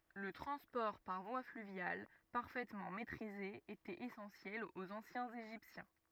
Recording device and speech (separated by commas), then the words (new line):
rigid in-ear microphone, read sentence
Le transport par voie fluviale, parfaitement maîtrisé, était essentiel aux anciens Égyptiens.